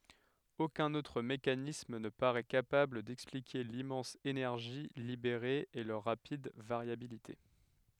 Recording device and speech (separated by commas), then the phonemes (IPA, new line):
headset microphone, read sentence
okœ̃n otʁ mekanism nə paʁɛ kapabl dɛksplike limmɑ̃s enɛʁʒi libeʁe e lœʁ ʁapid vaʁjabilite